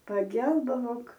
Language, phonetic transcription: Lithuanian, paˈgelbavok

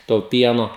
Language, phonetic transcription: Lithuanian, to ˈpieno

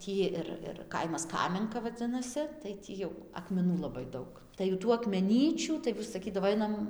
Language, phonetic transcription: Lithuanian, ˈtį ir ir ˈkaimas ˈkamenka vaˈdzinasi tai ˈtį jau akmeˈnų laˈbai ˈdaug ˈtai ju ˈtų akmeˈnyčių tai saˈkydavo ˈainam

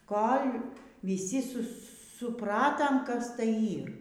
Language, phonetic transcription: Lithuanian, ˈkol' vyˈsi ˈsu su suˈpratam kas ˈtai ˈyr

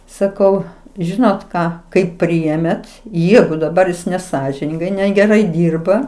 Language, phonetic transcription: Lithuanian, saˈkau ˈžinot ˈką kaip ˈpriėmėt ˈjegu daˈbar neˈsąžiningai negeˈrai ˈdyrba

